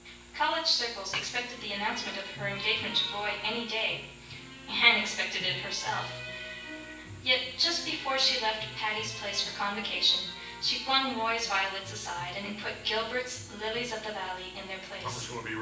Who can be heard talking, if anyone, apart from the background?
One person.